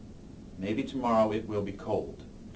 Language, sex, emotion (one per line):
English
male
neutral